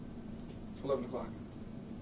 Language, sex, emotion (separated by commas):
English, male, neutral